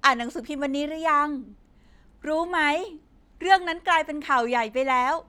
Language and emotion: Thai, happy